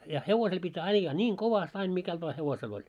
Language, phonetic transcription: Finnish, ja 'hevosel pit́ "aijjaa 'ńiŋ "kovast ain mikält vaa 'hevosel oĺ .
- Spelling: ja hevosella piti ajaa niin kovasti aina mikäli vain hevosella oli

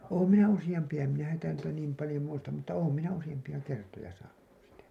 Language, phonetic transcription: Finnish, oom minä 'usiʲampi₍a , em minä häntä niitä 'niim palĭjo muistam mutta 'oom minä 'usijampi₍a 'kertoja saanu , sitä .
- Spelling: olen minä useampia en minä häntä niitä niin paljon muista mutta olen minä useampia kertoja saanut sitä

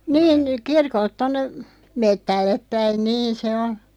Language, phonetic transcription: Finnish, 'niin , 'kirkolt 'tonne , "mettällep 'päin "niin̬ se on̬ .
- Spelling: niin kirkolta tuonne metsälle päin niin se on

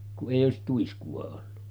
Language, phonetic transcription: Finnish, ku’ ’èij̆j ‿òesit 'tuisku₍a ollu .
- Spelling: kun ei olisi tuiskua ollut

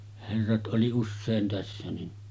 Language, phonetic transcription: Finnish, herrat ’oli 'usseen tässä ni ,.
- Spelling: herrat oli usein tässä niin

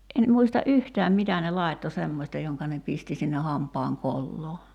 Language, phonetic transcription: Finnish, en 'muista "’yhtääm 'mitä ne 'làitto "semmośta joŋka ne 'pisti sinne 'hamp̀aaŋ 'kolloo .
- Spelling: en muista yhtään mitä ne laittoi semmoista jonka ne pisti sinne hampaan koloon

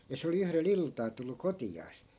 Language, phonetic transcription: Finnish, ja 'se oli 'yhre"l ‿iltaa tullu 'koti₍aas .
- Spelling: ja se oli yhdellä iltaa tullut kotiansa

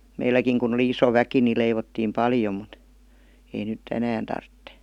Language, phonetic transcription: Finnish, 'meilläkiŋ kun ‿oli 'iso 'väki ni leivottiim 'paljom̆ mut , ei nyt'ᵗ ‿enään tartte .
- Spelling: meilläkin kun oli iso väki niin leivottiin paljon mutta ei nyt enää tarvitse

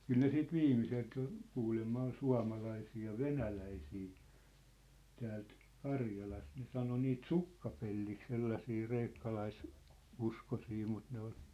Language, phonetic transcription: Finnish, 'kyl ne 'siit "viimiselt jo , 'kuulemma ol "sua̭malaisii ja "venäläisii , täält , "Karjalast ne 'sano niit "sukkapellik 'sellasii 'reikkalais- , '-uskosi mut ne ‿ol ,.
- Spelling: kyllä ne sitten viimeiseltä jo kuulemma oli suomalaisia ja venäläisiä täältä Karjalasta ne sanoi niitä sukkapelliksi sellaisia - kreikkalaisuskoisia mutta ne oli

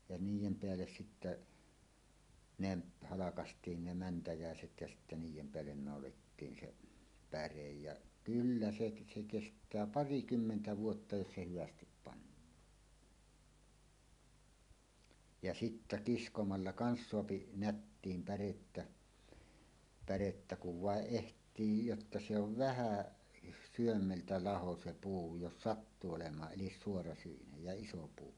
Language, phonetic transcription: Finnish, ja "niij̆jem 'peälles sittä , 'neb , 'halakast̀iin "ne 'mäntäjä̀eset jä sittä "niij̆jem 'peällen nàolettiin 'se , "pärej ja "kyllä 'seˀ , 'se , "kest̀ää 'parikymmentä 'vuotta jos se 'hyvästip pannaan , ja 'sittä "kiskomalla "kans soapi "nättiim 'pärettä , pärettä kuv "vàeˀ 'ˀeht̀ii jotta 'se ov "vähä̀ , "syömmeltä 'laho se 'puu jos "sattuu olem̀aa 'ˀelis "suorasyinej ja "iso 'puu .
- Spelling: ja niiden päälle sitten ne halkaistiin ne mäntyiset ja sitten niiden päälle naulattiin se päre ja kyllä se se kestää parikymmentä vuotta jos se hyvästi pannaan ja sitten kiskomalla kanssa saa nättiin pärettä pärettä kun vain ehtii jotta se on vähän sydämeltä laho se puu jos sattuu olemaan eli suorasyinen ja iso puu

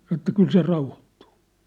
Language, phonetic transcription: Finnish, 'sano ĕttä » "kyl se 'rauhottᴜᴜ . «
- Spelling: sanoi että kyllä se rauhoittuu

